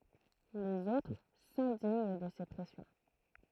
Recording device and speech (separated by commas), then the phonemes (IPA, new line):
throat microphone, read sentence
lez otʁ sɛ̃diɲ də se pʁɛsjɔ̃